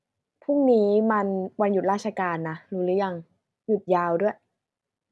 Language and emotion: Thai, frustrated